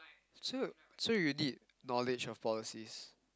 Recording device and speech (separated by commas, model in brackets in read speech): close-talking microphone, conversation in the same room